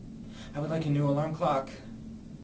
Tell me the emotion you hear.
fearful